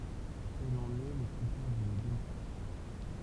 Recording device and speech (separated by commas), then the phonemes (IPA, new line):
temple vibration pickup, read sentence
ɛl ɑ̃n ɛ lə kʁitɛʁ də demaʁkasjɔ̃